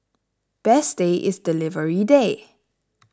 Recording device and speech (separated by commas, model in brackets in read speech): standing microphone (AKG C214), read sentence